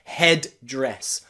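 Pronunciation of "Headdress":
In 'headdress', both d sounds are pronounced, and saying it that way is not wrong.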